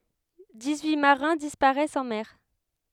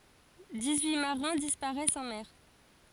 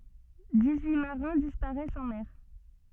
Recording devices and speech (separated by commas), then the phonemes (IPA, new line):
headset microphone, forehead accelerometer, soft in-ear microphone, read sentence
dis yi maʁɛ̃ dispaʁɛst ɑ̃ mɛʁ